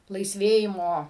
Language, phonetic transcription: Lithuanian, laisˈvėjimo

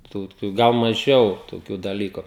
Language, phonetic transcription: Lithuanian, tų ˈtų ˈgal maˈžiau toˈkių daˈlyku

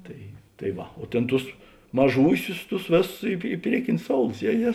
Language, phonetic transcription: Lithuanian, ˈtai tai ˈva o ˈtėn ˈtus maˈžūsius ˈtus ˈvėˌsus i i ˈpriekinius ˈsoulus ˈje ˈje

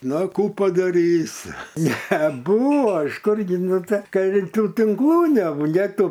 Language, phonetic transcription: Lithuanian, ˈna ˈkų padaˈrysi neˈbūva iš ˈkurgi ˈnu ˈtai ka i ˈtų tinkˈlų nebu nė ˈtų

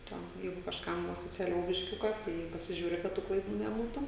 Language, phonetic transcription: Lithuanian, ˈten ˈjeigu kažˈkam oficiaˈliau bišˈkiuka ˈtai pasiˈžiūri kad ˈtų klaiˈdų neˈbūtu

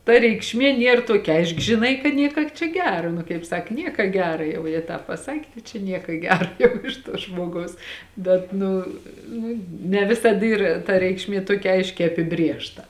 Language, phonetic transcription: Lithuanian, ta reikšˈmė ˈnier ˈtuokia ˈaišk žiˈnai ka ˈnieka čia ˈgera nu kaip ˈsak ˈnieka ˈgera ˈjau ja ˈtāp paˈsakė ˈtai čia ˈnieka ˈgera jau ˈiš tuo ˈžmogaus ˈbet ˈnu ˈnu ne ˈvisad ˈyr ta ˈreikšˌmie ˈtuokia ˈaiškiai apiˈbrėžta

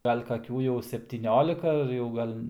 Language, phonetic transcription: Lithuanian, ˈgal' kaˈkių jau septyˈniolika ar jau ˈgal'

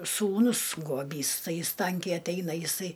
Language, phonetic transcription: Lithuanian, sūˈnus guoˈbys ˈtai ˈjis ˈtankiai atˈeina jiˈsai

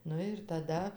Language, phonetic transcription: Lithuanian, ˈnu ir taˈda

